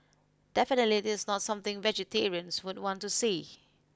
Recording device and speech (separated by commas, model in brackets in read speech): close-talking microphone (WH20), read sentence